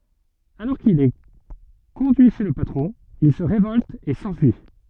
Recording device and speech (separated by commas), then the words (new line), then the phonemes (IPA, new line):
soft in-ear microphone, read sentence
Alors qu'il est conduit chez le patron, il se révolte et s'enfuit.
alɔʁ kil ɛ kɔ̃dyi ʃe lə patʁɔ̃ il sə ʁevɔlt e sɑ̃fyi